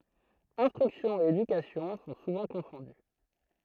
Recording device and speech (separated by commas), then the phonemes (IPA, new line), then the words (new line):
throat microphone, read sentence
ɛ̃stʁyksjɔ̃ e edykasjɔ̃ sɔ̃ suvɑ̃ kɔ̃fɔ̃dy
Instruction et éducation sont souvent confondues.